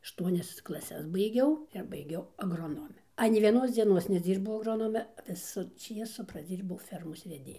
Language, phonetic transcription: Lithuanian, ašˈtuonias klaˈses baiˈgiau ir baiˈgiau agroˈnome ˈanei vieˈnos dzieˈnos neˈdzybau agˈronome ˈvisu ˈčiesu praˈdzyrbau ˈfermos veˈdėju

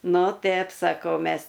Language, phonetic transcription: Lithuanian, ˈnu ˈtep saˈkau ˈmes

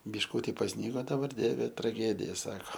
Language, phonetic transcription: Lithuanian, bišˈkūti pasˈnygo daˈbar ˈdieve traˈgedija ˈsako

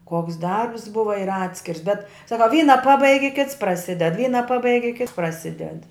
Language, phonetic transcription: Lithuanian, ˈkoks ˈdarbs ˈbuva ir ˈatskirs bet ˈsaka ˈvyna ˈpabaigi ˈkits praˈsided ˈvyna ˈpabaigi ˈkits praˈsided

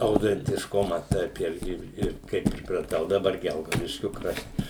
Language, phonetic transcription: Lithuanian, autentišˈkuma ˈtaip ˈirgi ˈir kai pripraˈtau daˈbar ˈgelgaudiškiu ˈkrašt

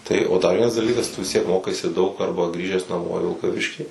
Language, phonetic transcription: Lithuanian, tai o dar ˈvienas daˈlykas tu vis ˈtiek ˈmokaisi daug ˈarba ˈgrįžęs naˈmo i vilkaˈviškį

